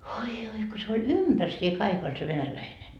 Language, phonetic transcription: Finnish, oi joi ko se oĺ "ympärsie 'kaik ‿oĺ se 'venäläine .
- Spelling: oi oi kun se oli ympärsiin kaikki oli se venäläinen

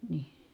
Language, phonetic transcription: Finnish, ni(h) .
- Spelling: niin

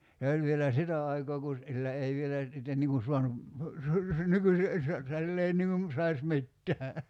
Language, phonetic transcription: Finnish, 'se o'l vielä "sitä aikoo ku , 'sillä 'ei vielä , sitten niŋ kun̬ 'suanu , 'nykysi , (ei se , 'sill ‿ei) niŋ kum , 'sais 'mittää .
- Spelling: se oli vielä sitä aikaa kun sillä ei vielä sitten niin kuin saanut nykyisin ei se sillä ei niin kuin saisi mitään

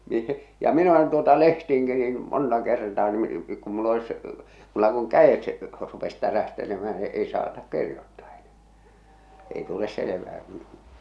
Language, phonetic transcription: Finnish, mi- , ja 'min ‿olen tuota "lehtiiŋki niin , "monta kertaa ni , ku mull ‿olis , mulla kuŋ "kä₍et , rupes 'tärähtelemäh̬ä ⁿⁱ 'ei saatak "kirjottaa ᴇɴᴀ̈ᴀ̈ , ei tules 'selevää kᴜɴ .
- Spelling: - ja minä olen tuota lehtiinkin niin monta kertaa niin kun minulla olisi minulla kun kädet rupesi tärähtelemään no ei saata kirjoittaa enää ei tule selvää kun

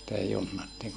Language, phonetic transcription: Finnish, sⁱtä junnattiin .
- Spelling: sitä junnattiin

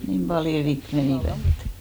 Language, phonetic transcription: Finnish, 'niim paljo 'rik "menìvä ettᴀ̈ .
- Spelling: niin paljon rikki menivät että

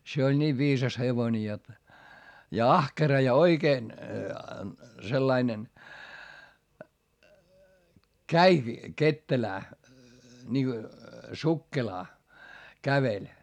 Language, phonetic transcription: Finnish, se oĺ ńiiv viisas hevoⁱne jot , ja ahkera ja oikeen , sellainen , käiki , kettelää , ńiŋGo , sukkelaa , käveĺ .
- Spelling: se oli niin viisas hevonen jotta ja ahkera ja oikein sellainen kävikin ketterään niin kuin sukkelaan käveli

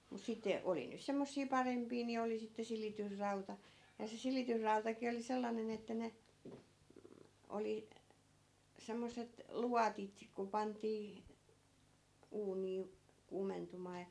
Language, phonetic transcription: Finnish, mut sitte , 'oli (niit) semmossii 'parempii ni 'oli sitte 'silitys'rauta , ja se 'silitysrautaki oli 'sellanen ‿että ne , m̥ , 'oli , 'semmos̀et , "luatit , ku 'pant̆tii , 'uunii , 'kuumentum̀aa ja .
- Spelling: mutta sitten oli niitä semmoisia parempia niin oli sitten silitysrauta ja se silitysrautakin oli sellainen että ne mm oli semmoiset luotit kun pantiin uunia kuumentumaan ja

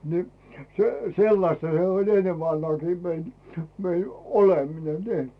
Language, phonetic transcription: Finnish, ni , se , "sellasta se oĺ 'ennev 'vanhaakii mein , mei 'oleminen , nii .
- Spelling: niin se sellaista se oli ennen vanhaankin meidän meidän oleminen niin

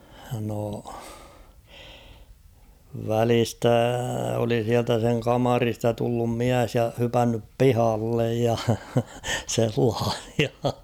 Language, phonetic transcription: Finnish, no , 'välistä oli siältä seŋ 'kamarista tullum "miäs ja 'hypännyp "pihallej ja , 'sellaah̬ɪᴀ .
- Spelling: no välistä oli sieltä sen kamarista tullut mies ja hypännyt pihalle ja sellaisia

